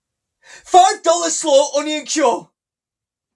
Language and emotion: English, sad